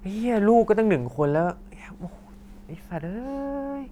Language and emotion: Thai, frustrated